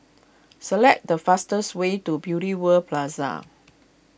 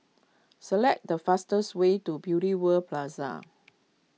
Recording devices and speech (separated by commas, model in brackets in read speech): boundary microphone (BM630), mobile phone (iPhone 6), read sentence